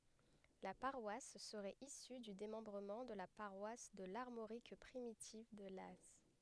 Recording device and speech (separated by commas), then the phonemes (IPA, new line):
headset microphone, read sentence
la paʁwas səʁɛt isy dy demɑ̃bʁəmɑ̃ də la paʁwas də laʁmoʁik pʁimitiv də laz